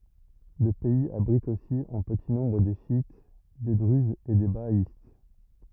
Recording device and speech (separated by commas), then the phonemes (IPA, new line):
rigid in-ear microphone, read sentence
lə pɛiz abʁit osi ɑ̃ pəti nɔ̃bʁ de ʃjit de dʁyzz e de baaist